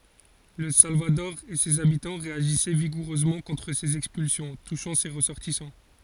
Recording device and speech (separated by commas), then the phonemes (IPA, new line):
forehead accelerometer, read sentence
lə salvadɔʁ e sez abitɑ̃ ʁeaʒisɛ viɡuʁøzmɑ̃ kɔ̃tʁ sez ɛkspylsjɔ̃ tuʃɑ̃ se ʁəsɔʁtisɑ̃